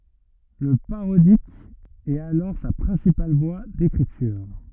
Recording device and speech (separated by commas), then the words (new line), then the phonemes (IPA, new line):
rigid in-ear microphone, read sentence
Le parodique est alors sa principale voie d’écriture.
lə paʁodik ɛt alɔʁ sa pʁɛ̃sipal vwa dekʁityʁ